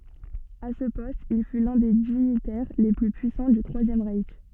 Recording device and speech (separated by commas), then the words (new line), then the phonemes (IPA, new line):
soft in-ear microphone, read sentence
À ce poste, il fut l'un des dignitaires les plus puissants du Troisième Reich.
a sə pɔst il fy lœ̃ de diɲitɛʁ le ply pyisɑ̃ dy tʁwazjɛm ʁɛʃ